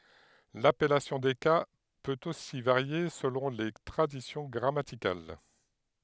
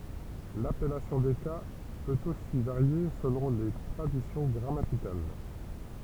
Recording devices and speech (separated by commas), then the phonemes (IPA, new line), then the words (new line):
headset microphone, temple vibration pickup, read sentence
lapɛlasjɔ̃ de ka pøt osi vaʁje səlɔ̃ le tʁadisjɔ̃ ɡʁamatikal
L'appellation des cas peut aussi varier selon les traditions grammaticales.